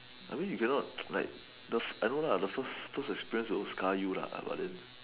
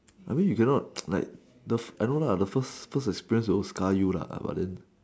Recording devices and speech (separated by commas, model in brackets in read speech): telephone, standing microphone, conversation in separate rooms